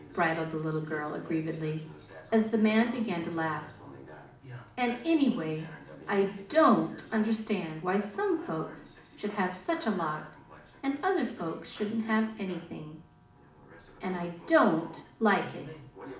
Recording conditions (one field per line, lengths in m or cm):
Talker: one person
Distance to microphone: 2.0 m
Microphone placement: close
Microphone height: 99 cm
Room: medium-sized (5.7 m by 4.0 m)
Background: television